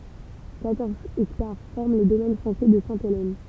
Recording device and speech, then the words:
temple vibration pickup, read sentence
Quatorze hectares forment les domaines français de Sainte-Hélène.

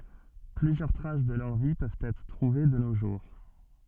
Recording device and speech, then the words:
soft in-ear microphone, read sentence
Plusieurs traces de leur vie peuvent être trouvées de nos jours.

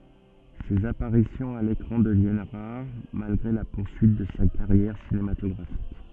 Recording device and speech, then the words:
soft in-ear microphone, read sentence
Ses apparitions à l'écran deviennent rares, malgré la poursuite de sa carrière cinématographique.

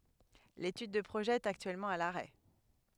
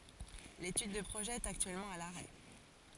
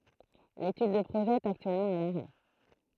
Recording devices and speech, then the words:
headset microphone, forehead accelerometer, throat microphone, read sentence
L'étude de projet est actuellement à l'arrêt.

